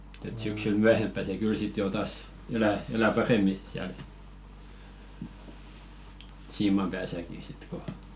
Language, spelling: Finnish, mutta että syksyllä myöhempään se kyllä sitten jo taas elää elää paremmin siellä siiman päässäkin sitten kun
- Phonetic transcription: [mu]t ‿et syksyl "myähemppä se 'kyl sit jò 'tàs 'elä , elä 'parem̆mi siäl , "siimam 'pääsäki sit ko ,.

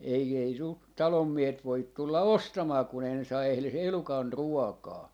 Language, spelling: Finnish, ei ei sinulta talonmiehet voi tulla ostamaan kun ei ne saa edes elukan ruokaa
- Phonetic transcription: 'ei ei sult , 'talommiehet 'voit 'tulla "ostamaa kun ‿ei ne saa 'ehles 'elukan "ruɔkaa » .

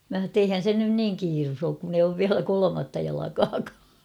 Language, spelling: Finnish, minä sanoin että eihän se nyt niin kiire ole kun ei ole vielä kolmatta jalkaakaan
- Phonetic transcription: mä h̬a ‿tt ‿eihän 'sen nyn "niiŋ 'kiirus ‿ook kun ‿ei oov "viälä 'kolomatta jalakaakaa .

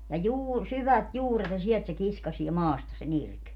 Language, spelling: Finnish, ja - syvät juuret ja sieltä se kiskaisee maasta sen irti
- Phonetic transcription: ja "juur- , 'syvät "juuret ja 'siɛlt se "kiskasie 'maasta se'n ‿irk .

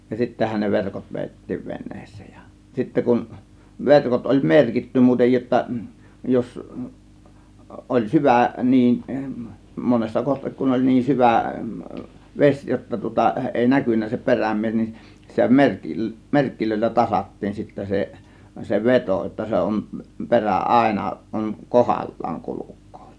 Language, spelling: Finnish, ja sittenhän ne verkot vedettiin veneeseen ja sitten kun verkot oli merkitty muuten jotta jos oli syvä niin monessa kohti kun oli niin syvä vesi jotta tuota ei näkynyt se perämies niin sitä - merkeillä tasattiin sitten se se veto jotta se on perä aina on kohdallaan kulkee
- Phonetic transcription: ja 'sittähän ne 'verkot 'vèittiiv 've̬n̆nEEs̆sEEJ JA , 'sittä kun , 'verkot oĺ "merkitty 'muutej jotta , 'jos , ˀoĺ "syvä 'niin , 'monessa kohtik kun oĺ 'niin "syvä̀ , "ves jotta tŭŏta 'èi "näkynnä se "peräm̆mies nin , sitä 'mer- , "merkkilöillä 'tasat̀tiin sittä se , se "vetò jotta 'se on , "perä "ˀàėna 'on , "kohal̀laaŋ 'kuluk̆kOO .

